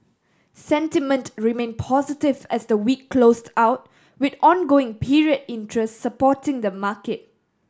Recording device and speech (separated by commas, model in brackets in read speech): standing microphone (AKG C214), read sentence